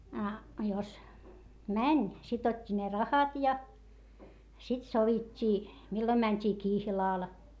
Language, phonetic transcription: Finnish, a , jos , mäń , sit ‿ot́t́i ne rahat ja , sit sovit́t́ii , millom mäńt́ii kihlàl .
- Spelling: a jos meni sitten otti ne rahat ja sitten sovittiin milloin mentiin kihlalle

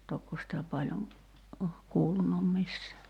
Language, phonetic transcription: Finnish, 'tokko sⁱtä 'paĺjoŋ , oh kuulunum 'missää .
- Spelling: tokko sitä paljon on kuulunut missään

